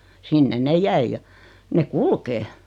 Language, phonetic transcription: Finnish, 'sinnen 'ne "jäij ja , 'ne "kulkee .
- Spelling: sinne ne jäi ja ne kulkee

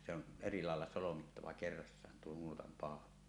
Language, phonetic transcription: Finnish, se ‿on , 'eri làella solomittava "kerrassaan tuo 'nuotam 'pàola .
- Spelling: se on eri lailla solmittava kerrassaan tuo nuotan paula

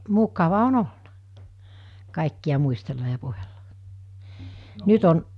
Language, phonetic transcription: Finnish, 'mukava 'on "olna , kàikki₍a 'muistella ja 'puhella , nyt on ,.
- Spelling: mukava on ollut kaikkia muistella ja puhella nyt on

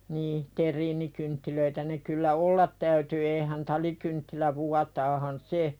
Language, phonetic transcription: Finnish, nii , 'ter̆riinikynttilöitä ne kyllä "ollat täyty eehän "talikynttilä 'vuataahan "se .
- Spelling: niin terriinikynttilöitä ne kyllä olla täytyy eihän talikynttilä vuotaahan se

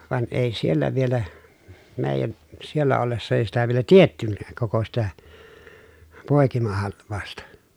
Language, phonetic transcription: Finnish, van ʼèi siellä vielä , mèi̮jän , siellä ollessa èi sitä vielä tiettynnääk koko sitä , pòekimahalv̆vàu̬sta .
- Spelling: vaan ei siellä vielä meidän siellä ollessa ei sitä vielä tiedettykään koko sitä poikimahalvausta

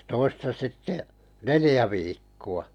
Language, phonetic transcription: Finnish, (ja) 'toista sitte , "nelⁱjä viikku₍a .
- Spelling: ja toista sitten neljä viikkoa

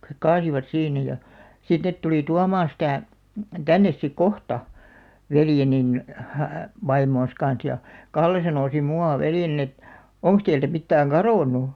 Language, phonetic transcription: Finnish, kᵃ- hek "kaasivat 'siinä ja , 'sit net 'tulì "tuamaaa̰ sitä̀ , "tännes sik "kohta , 'veljenin , 'vaimoon̬s kan̬s ja , "Kalle sanò sim 'mu₍à "veljenin ‿et , » "oŋks teiltä 'mittääŋ "karòn̆nu ? «
- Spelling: - he kaatoivat siinä ja sitten ne tuli tuomaan sitä tänne sitten kohta veljeni vaimonsa kanssa ja Kalle sanoi sitten minun veljeni että onko teiltä mitään kadonnut

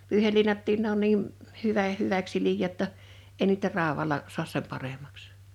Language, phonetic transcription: Finnish, 'pyyhelliinattiin ne ‿on niim̳ , 'hyvä , 'hyväks siliʲjää ‿tta , 'ei niitä 'ràowala , suas 'sem paremaks .
- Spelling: pyyheliinatkin ne on niin hyvä hyväksi siliää jotta ei niitä raudalla saa sen paremmaksi

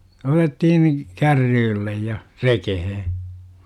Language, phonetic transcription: Finnish, 'otet-tihin , "kärryyllej ja , "rekehe .
- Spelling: otettiin kärrylle ja rekeen

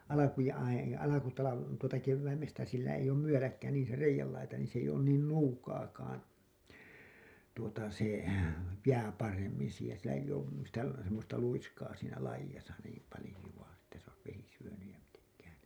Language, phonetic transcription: Finnish, alakuja ai- , alakutala- , tuota , -kevväimestä sillä eij ‿oom 'myöläkkä niin̬ se 'reijällaita niin s ‿eij ‿oon "nuukaakaan , tuota , se , 'jää paremmin̬ siihen sillä eiʲ ‿oom , sitä semmosta 'luiskaa siinä 'laijasa niim palĭju₍a että s ‿ois vesi syönyj ja miteŋkään̬ ...
- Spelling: alkujaan - alku tuota keväästä sillä ei ole myöläkkä niin se reiänlaita niin se ei ole nuukaakaan tuota se jää paremmin siihen sillä ei ole sitä semmoista luiskaa siinä laidassa niin paljoa että se olisi vesi syönyt ja mitenkään

